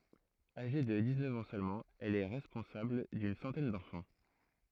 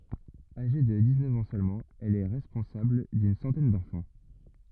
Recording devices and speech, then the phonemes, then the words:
throat microphone, rigid in-ear microphone, read sentence
aʒe də diksnœf ɑ̃ sølmɑ̃ ɛl ɛ ʁɛspɔ̃sabl dyn sɑ̃tɛn dɑ̃fɑ̃
Âgée de dix-neuf ans seulement, elle est responsable d’une centaine d’enfants.

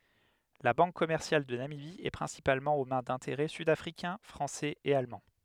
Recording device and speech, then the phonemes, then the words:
headset microphone, read sentence
la bɑ̃k kɔmɛʁsjal də namibi ɛ pʁɛ̃sipalmɑ̃ o mɛ̃ dɛ̃teʁɛ sydafʁikɛ̃ fʁɑ̃sɛz e almɑ̃
La Banque commerciale de Namibie est principalement aux mains d'intérêts sud-africains, français et allemands.

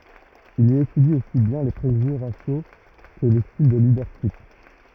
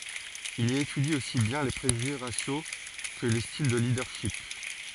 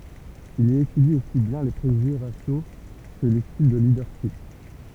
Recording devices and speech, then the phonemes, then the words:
rigid in-ear microphone, forehead accelerometer, temple vibration pickup, read sentence
il i etydi osi bjɛ̃ le pʁeʒyʒe ʁasjo kə le stil də lidœʁʃip
Il y étudie aussi bien les préjugés raciaux que les styles de leadership.

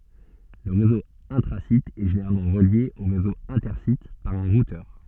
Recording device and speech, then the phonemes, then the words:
soft in-ear microphone, read sentence
lə ʁezo ɛ̃tʁazit ɛ ʒeneʁalmɑ̃ ʁəlje o ʁezo ɛ̃tɛʁsit paʁ œ̃ ʁutœʁ
Le réseau intra-site est généralement relié au réseau inter-site par un routeur.

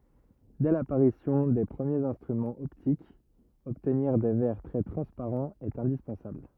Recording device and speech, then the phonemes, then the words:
rigid in-ear microphone, read sentence
dɛ lapaʁisjɔ̃ de pʁəmjez ɛ̃stʁymɑ̃z ɔptikz ɔbtniʁ de vɛʁ tʁɛ tʁɑ̃spaʁɑ̃z ɛt ɛ̃dispɑ̃sabl
Dès l'apparition des premiers instruments optiques, obtenir des verres très transparents est indispensable.

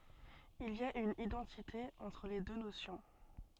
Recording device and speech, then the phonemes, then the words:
soft in-ear microphone, read sentence
il i a yn idɑ̃tite ɑ̃tʁ le dø nosjɔ̃
Il y a une identité entre les deux notions.

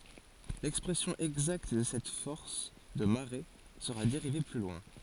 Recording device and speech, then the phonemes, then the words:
forehead accelerometer, read sentence
lɛkspʁɛsjɔ̃ ɛɡzakt də sɛt fɔʁs də maʁe səʁa deʁive ply lwɛ̃
L'expression exacte de cette force de marée sera dérivée plus loin.

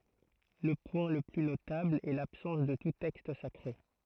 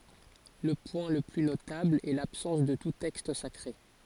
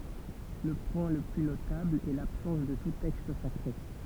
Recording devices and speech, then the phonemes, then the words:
throat microphone, forehead accelerometer, temple vibration pickup, read sentence
lə pwɛ̃ lə ply notabl ɛ labsɑ̃s də tu tɛkst sakʁe
Le point le plus notable est l'absence de tout texte sacré.

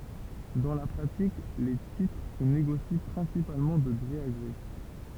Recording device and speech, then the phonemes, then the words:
temple vibration pickup, read sentence
dɑ̃ la pʁatik le titʁ sə neɡosi pʁɛ̃sipalmɑ̃ də ɡʁe a ɡʁe
Dans la pratique, les titres se négocient principalement de gré à gré.

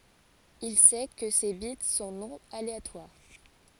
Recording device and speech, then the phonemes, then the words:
forehead accelerometer, read sentence
il sɛ kə se bit sɔ̃ nɔ̃ aleatwaʁ
Il sait que ces bits sont non aléatoires.

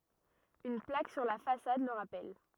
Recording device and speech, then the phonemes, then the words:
rigid in-ear microphone, read sentence
yn plak syʁ la fasad lə ʁapɛl
Une plaque sur la façade le rappelle.

